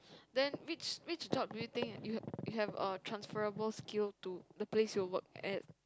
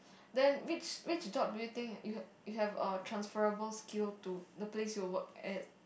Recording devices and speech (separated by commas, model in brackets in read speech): close-talking microphone, boundary microphone, conversation in the same room